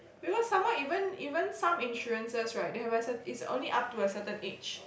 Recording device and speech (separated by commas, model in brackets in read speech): boundary microphone, conversation in the same room